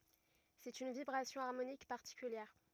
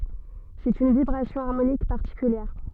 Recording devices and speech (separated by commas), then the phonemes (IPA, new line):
rigid in-ear microphone, soft in-ear microphone, read sentence
sɛt yn vibʁasjɔ̃ aʁmonik paʁtikyljɛʁ